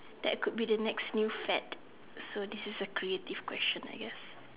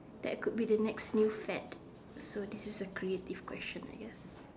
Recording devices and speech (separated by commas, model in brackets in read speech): telephone, standing microphone, conversation in separate rooms